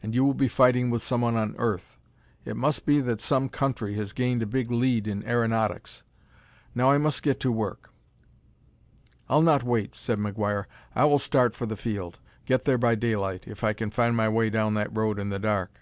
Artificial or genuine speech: genuine